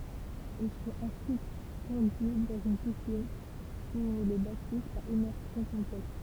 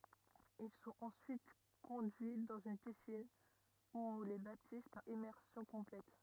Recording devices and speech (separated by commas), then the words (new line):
temple vibration pickup, rigid in-ear microphone, read sentence
Ils sont ensuite conduits dans une piscine, où on les baptise par immersion complète.